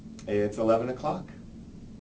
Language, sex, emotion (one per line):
English
male
neutral